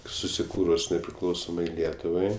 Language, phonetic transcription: Lithuanian, susiˈkūrus nepriˈklausomai ˈlietuvai

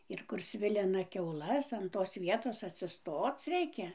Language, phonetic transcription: Lithuanian, ir kur ˈsvilina kiauˈlas an tos ˈvietos atsiˈstoc ˈreikia

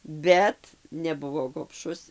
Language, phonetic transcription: Lithuanian, ˈbet neˈbuvo gobˈšus

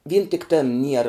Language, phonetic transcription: Lithuanian, vyn tik ˈtėn ˈniera

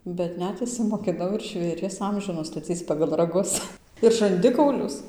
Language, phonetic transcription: Lithuanian, bet ˈnet išsimokiˈnau ir žvėˈries ˈamžių nustaˈcyc pagal raˈgus ir žanˈdikaulius

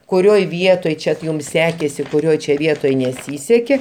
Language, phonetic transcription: Lithuanian, kuˈrioj ˈvietoj ˈčia t jum ˈsekėsi kuˈrioj čia ˈvietoj neˈsysekė

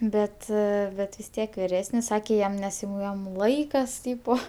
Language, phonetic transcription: Lithuanian, ˈbet ˈbet vis ˈtiek viˈresnis ˈsakė ˈjam nes jau ˈjam ˈlaikas ˈtypo

